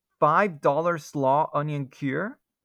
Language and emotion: English, fearful